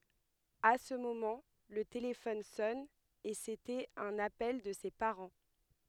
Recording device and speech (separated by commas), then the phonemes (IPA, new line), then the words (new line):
headset microphone, read sentence
a sə momɑ̃ lə telefɔn sɔn e setɛt œ̃n apɛl də se paʁɑ̃
À ce moment, le téléphone sonne, et c'était un appel de ses parents.